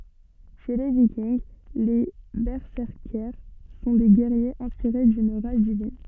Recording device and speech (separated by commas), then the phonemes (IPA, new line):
soft in-ear microphone, read sentence
ʃe le vikinɡ le bɛsɛʁkɛʁs sɔ̃ de ɡɛʁjez ɛ̃spiʁe dyn ʁaʒ divin